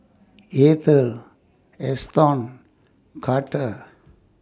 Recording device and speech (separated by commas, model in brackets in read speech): standing microphone (AKG C214), read sentence